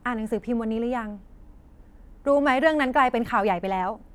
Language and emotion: Thai, frustrated